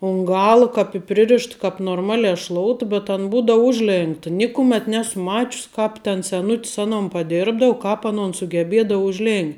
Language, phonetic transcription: Lithuanian, un ˈgala kap i ˈpririšt kap norˈmale šlout bet an ˈbūdou ˈužˌlėnkta ˈnikumėt ˈnesu ˈmačius ˈkāp ten seˈnut's ˈanon paˈdirbdau ˈkāp aˈnon sugeˈbėdau užˈlėn'

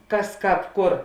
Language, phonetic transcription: Lithuanian, ˈkas ˈkāp ˈkur

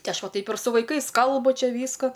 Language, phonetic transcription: Lithuanian, ˈti ˈaš ˈva ˈtaip ir su vaiˈkais ˈkalbu ˈčia ˈvysko

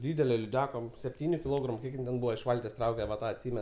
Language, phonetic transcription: Lithuanian, ˈdydele liˈdeka sepˈtyniu kiˈlogramu ˈkiek ˈjin ten ˈbūva iš ˈvaltės ˈtrauke va ˈtą atˈsymen

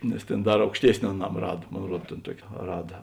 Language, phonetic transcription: Lithuanian, nes tėn ˈdar aukšˈtiesni aˈnam ˈrad ˈmon ˈruod tėn ˈtuoki ˈrada

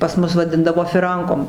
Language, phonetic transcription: Lithuanian, pas ˈmus vaˈdindavo fiˈrankom

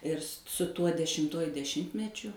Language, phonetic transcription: Lithuanian, ir s su ˈtuo dešimˈtuoju deˈšimtmečiu

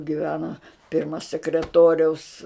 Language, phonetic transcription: Lithuanian, giˈvena ˈpirma sekreˈtoriaus

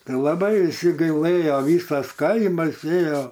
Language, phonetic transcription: Lithuanian, ˈtai laˈbai viˈsi gaiˈlɘjo ˈvysas ˈkaimas ˈėjo

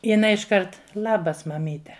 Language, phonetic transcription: Lithuanian, jiˈnai išˈkart ˈlabas maˈmyte

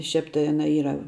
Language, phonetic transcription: Lithuanian, ˈšiap tai ˈana ˈyra

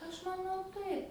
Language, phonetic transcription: Lithuanian, ˈaš maˈnau ˈtaip

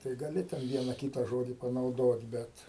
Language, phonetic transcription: Lithuanian, tai gaˈli ten ˈviena ˈkyta ˈžodi panauˈdot ˈbet

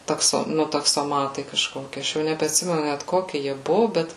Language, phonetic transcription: Lithuanian, takˈso ˈnu taksoˈmatai kažˈkoki ˈaš jau nebeatˈsimenu net ˈkoki jie ˈbuvo ˈbet

